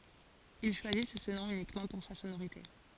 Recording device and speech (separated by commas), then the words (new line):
forehead accelerometer, read sentence
Ils choisissent ce nom uniquement pour sa sonorité.